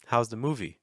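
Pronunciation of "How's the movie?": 'How's the movie?' starts on a low pitch and finishes on a higher pitch.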